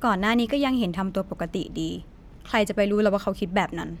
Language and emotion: Thai, neutral